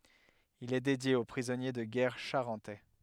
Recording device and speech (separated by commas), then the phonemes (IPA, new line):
headset microphone, read sentence
il ɛ dedje o pʁizɔnje də ɡɛʁ ʃaʁɑ̃tɛ